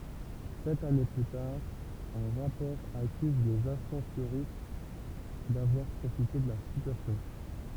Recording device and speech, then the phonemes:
temple vibration pickup, read sentence
sɛt ane ply taʁ œ̃ ʁapɔʁ akyz lez asɑ̃soʁist davwaʁ pʁofite də la sityasjɔ̃

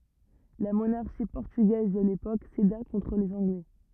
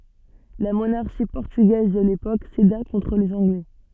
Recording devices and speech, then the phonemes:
rigid in-ear microphone, soft in-ear microphone, read sentence
la monaʁʃi pɔʁtyɡɛz də lepok seda kɔ̃tʁ lez ɑ̃ɡlɛ

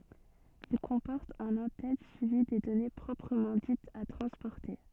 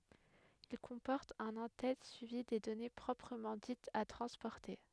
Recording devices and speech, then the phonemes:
soft in-ear microphone, headset microphone, read sentence
il kɔ̃pɔʁt œ̃n ɑ̃ tɛt syivi de dɔne pʁɔpʁəmɑ̃ ditz a tʁɑ̃spɔʁte

